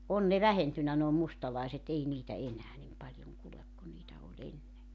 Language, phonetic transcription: Finnish, 'on ne "vähentynnä noo 'mustalàiset 'ei niitä 'enää 'nim 'paĺjoŋ kulek ku niitä o'ĺ ‿enne .
- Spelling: on ne vähentynyt nuo mustalaiset ei niitä enää niin paljon kulje kuin niitä oli ennen

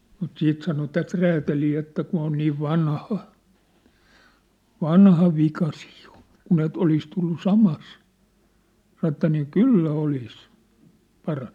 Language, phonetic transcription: Finnish, mut 'siit sano 'tät "räätälii että kun̬ ‿on niiv 'vanha , 'vanha 'vika siiᴊ ᴊᴏ , 'kun ‿et 'olis tullu "samas , saⁿ ‿ᵉttä nii "kyllä "olis , 'paraɴ(ɴᴜ) .
- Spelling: mutta sitten sanoi tätä räätäliä että kun on niin vanha vanha vika siinä jo kun että olisi tullut samassa sanoi että niin kyllä olisi parantunut

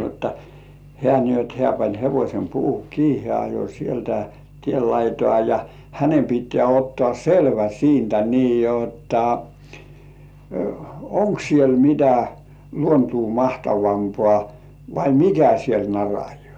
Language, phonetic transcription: Finnish, jotta , 'heä̀ ni ‿ot "hĕä̀ pań 'hevośem puuhu 'kii heä̀ ajo sieltä "tiel 'laitoà ja , hänem pit̆tĕä̀§ ottŏà "selvä 'siintä nii jotta , "oŋk siel 'mitä , "luontuu 'mahtavampŏà , vai "mikä siel 'narajŏ§à .
- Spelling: jotta hän niin jotta hän pani hevosen puuhun kiinni hän ajoi sieltä tien laitaa ja hänen pitää ottaa selvä siitä niin jotta onko siellä mitä luontoa mahtavampaa vai mikä siellä narajaa

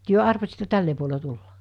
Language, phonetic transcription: Finnish, työ 'arvasittᴇ 'tälle puole 'tulla .
- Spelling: te arvasitte tälle puolen tulla

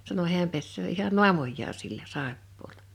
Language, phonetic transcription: Finnish, sano 'hiäm pessöö ihan "nu̬amojjaa sillä , 'sàeppoola .
- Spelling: sanoi hän pesee ihan naamaansa sillä saippualla

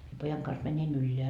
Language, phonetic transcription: Finnish, mie 'pojaŋ kans 'mäńin 'ylleä .
- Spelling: minä pojan kanssa menin ylös

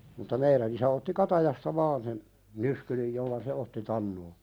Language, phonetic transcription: Finnish, mutta 'meiðän ‿isä otti "katajasta vaan sen , "nyskylij jolla se "otti 'tannoo .
- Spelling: mutta meidän isä otti katajasta vain sen nyskyrin jolla se otti tanoa

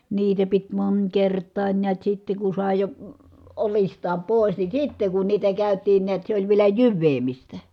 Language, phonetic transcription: Finnish, niitä pit mońkert̆taań niät sitte ku sàe jo , olist̀aam pòi̮s ni sitte ku niitä kä̀yt̀iin niät se oĺ vielä jyvveemistä .
- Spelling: niitä piti monikertaan näet sitten kun sai jo oljistaan pois niin sitten kun niitä käytiin näet se oli vielä jyväämistä

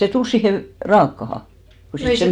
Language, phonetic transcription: Finnish, sè 'tul siihe vᵉ- , 'raakkaha , ku se ,.
- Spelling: se tuli siihen - raakaan kun se

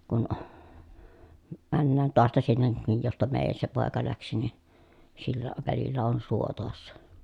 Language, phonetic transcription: Finnish, kun , männään toasta sinne , nij josta meejän(nis) se pòeka läksi ni , sillä , välillä on suo toassa .
- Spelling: kun mennään taasta sinne niin josta meidänkin se poika lähti niin sillä välillä on suo tuossa

